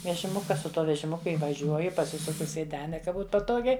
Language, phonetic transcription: Lithuanian, vežiˈmuka su ˈtuo vežiˈmuku įvaˈžiuoju paˈsisuku sėˈdene ka ˈbūt paˈtogiai

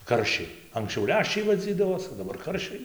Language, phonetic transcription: Lithuanian, ˈkaršiai anksˈčiau ˈleščiai vaˈdzydavos o daˈbar ˈkaršiai

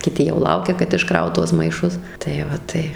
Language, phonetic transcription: Lithuanian, kiˈti jau ˈlaukia kad išˈkraut ˈtuos maiˈšus tai ˈva ˈtai

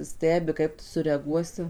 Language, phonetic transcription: Lithuanian, ˈstebi ˈkaip tu sureaˈguosi

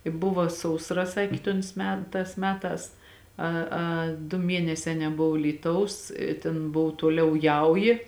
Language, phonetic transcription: Lithuanian, i ˈbuva sausˈra ˈsakė tons ˈme ˈtās ˈmeˌtās ˈa a du ˈmienesē neˈbov ˈlyˌtaus i tėn ˈbov ˈtuoˌliau ˈjauji

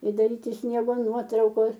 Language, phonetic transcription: Lithuanian, i daˈryti ˈsniego ˈnuotraukos

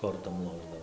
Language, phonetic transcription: Lithuanian, ˈkortom ˈlošdavai

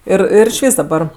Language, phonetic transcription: Lithuanian, ˈir ˈir išˈvys daˈbar

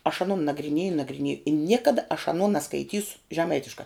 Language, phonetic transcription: Lithuanian, aš aˈnon nagriˈnėju nagriˈnėju i ˈniekada aš aˈno naskaiˈtysu žeˈmaitiška

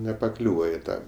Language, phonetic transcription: Lithuanian, nepaˈkliūva i ˈtą

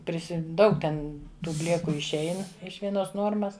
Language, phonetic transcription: Lithuanian, ˈprisi ˈdaug ten ˈtų ˈblėku išˈein iš vieˈnos ˈnuormas

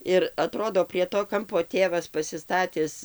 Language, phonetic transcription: Lithuanian, ir aˈtrodo prie to ˈkampo ˈtėvas pasiˈstatis

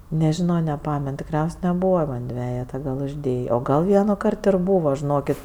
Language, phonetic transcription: Lithuanian, neˈžino neˈpamen tikˈriaus' neˈbūva ˈman ˈdvejeta gal užˈdėjė o ˈgal ˈvienuˌkart ir ˈbūva žiˈnokit

